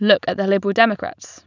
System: none